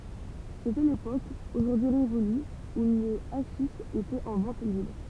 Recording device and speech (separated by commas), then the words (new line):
temple vibration pickup, read sentence
C'était l'époque, aujourd'hui révolue, où le haschich était en vente libre.